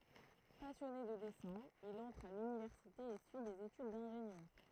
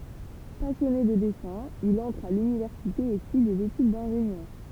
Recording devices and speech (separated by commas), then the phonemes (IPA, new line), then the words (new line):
throat microphone, temple vibration pickup, read sentence
pasjɔne də dɛsɛ̃ il ɑ̃tʁ a lynivɛʁsite e syi dez etyd dɛ̃ʒenjœʁ
Passionné de dessin, il entre à l’université et suit des études d’ingénieur.